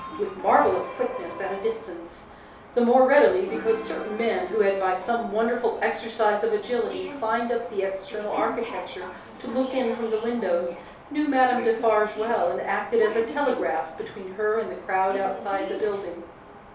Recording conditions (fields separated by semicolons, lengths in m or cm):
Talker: one person; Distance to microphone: 3.0 m; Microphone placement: far; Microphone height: 1.8 m; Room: small (3.7 m by 2.7 m); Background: television